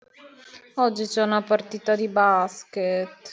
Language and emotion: Italian, sad